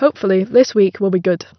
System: none